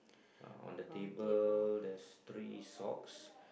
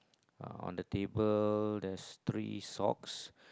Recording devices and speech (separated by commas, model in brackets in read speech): boundary microphone, close-talking microphone, conversation in the same room